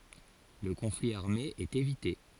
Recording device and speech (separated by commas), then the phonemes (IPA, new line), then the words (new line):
forehead accelerometer, read sentence
lə kɔ̃fli aʁme ɛt evite
Le conflit armé est évité.